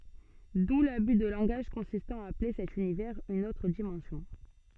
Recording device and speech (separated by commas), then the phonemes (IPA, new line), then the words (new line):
soft in-ear microphone, read sentence
du laby də lɑ̃ɡaʒ kɔ̃sistɑ̃ a aple sɛt ynivɛʁz yn otʁ dimɑ̃sjɔ̃
D'où l'abus de langage consistant à appeler cet univers une autre dimension.